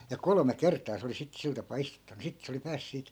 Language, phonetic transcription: Finnish, ja "kolome 'kert̆taa se oli 'sit 'sil tapaa 'istuttanu 'sit se oli 'pääs siit ,.
- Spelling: ja kolme kertaa se oli sitten sillä tapaa istuttanut sitten se oli pääsi siitä

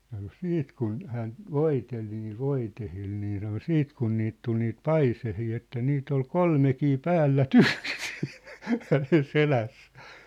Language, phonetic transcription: Finnish, ja kŭ "siit kun 'hään , "voitel niil "voitehil nii sano "siit kun niit tul niit "paisehii että 'niit ‿ol "kolmekii "päällä"tyksɪ , hänen 'selässᴀ̈ᴀ̈ .
- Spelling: ja kun sitten kun hän voiteli niillä voiteilla niin sanoi sitten kun niitä tuli niitä paiseita että niitä oli kolmekin päällekkäin hänen selässään

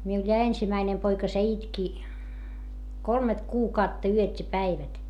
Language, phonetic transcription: Finnish, miul ja ensimäinem poika se itki , kolmet kuukautta yöt́ ja päivät .
- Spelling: minulla ja ensimmäinen poika se itki kolme kuukautta yöt ja päivät

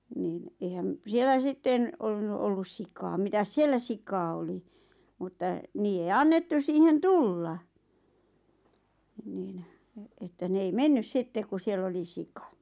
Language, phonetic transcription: Finnish, niin , eihäm , 'siellä 'sitten , ollunnu ollus 'sikaam mitäs "siellä 'sikaa oli , mutta , 'niije ei 'annettus siihen "tulla , niin , että 'ne ei "mennys 'sittek ku 'siell ‿oli "sika .
- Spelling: niin eihän siellä sitten ollut ollut sikaa mitäs siellä sikaa oli mutta niiden ei annettu siihen tulla niin että ne ei mennyt sitten kun siellä oli sika

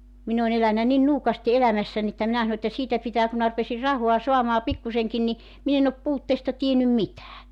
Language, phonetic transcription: Finnish, 'min ‿on ‿elänä nin 'nuukasti 'elämässäń ‿että 'minä sano että 'siitä 'pitää ku mⁱnä rupesir 'rahoa 'soamaa 'pikkuseŋkin ni , 'min ‿en ‿op 'puutteesta tiennym 'mitää .
- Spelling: minä olen elänyt niin nuukasti elämässäni että minä sanon että siitä pitää kun minä rupesin rahaa saamaan pikkuisenkin niin minä en ole puutteesta tiennyt mitään

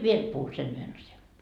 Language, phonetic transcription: Finnish, "viel 'puhu sen 'yhen asja .
- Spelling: vielä puhun sen yhden asian

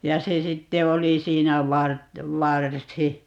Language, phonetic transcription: Finnish, 'ja se 'sitte 'oli 'siinä 'vart- , "varsi .
- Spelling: ja se sitten oli siinä - varsi

